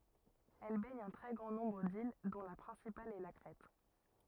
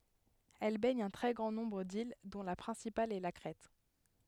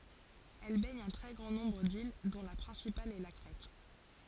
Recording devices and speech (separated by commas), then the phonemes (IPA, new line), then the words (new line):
rigid in-ear microphone, headset microphone, forehead accelerometer, read sentence
ɛl bɛɲ œ̃ tʁɛ ɡʁɑ̃ nɔ̃bʁ dil dɔ̃ la pʁɛ̃sipal ɛ la kʁɛt
Elle baigne un très grand nombre d’îles dont la principale est la Crète.